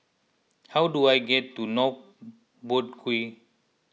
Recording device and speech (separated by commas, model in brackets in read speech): mobile phone (iPhone 6), read sentence